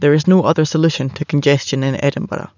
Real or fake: real